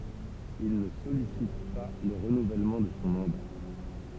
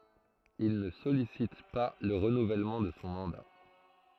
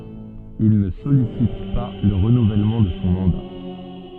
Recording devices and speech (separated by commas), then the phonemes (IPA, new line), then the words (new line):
temple vibration pickup, throat microphone, soft in-ear microphone, read sentence
il nə sɔlisit pa lə ʁənuvɛlmɑ̃ də sɔ̃ mɑ̃da
Il ne sollicite pas le renouvellement de son mandat.